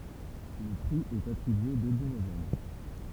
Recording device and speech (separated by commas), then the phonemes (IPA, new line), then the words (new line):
temple vibration pickup, read sentence
lə pʁi ɛt atʁibye deby novɑ̃bʁ
Le prix est attribué début novembre.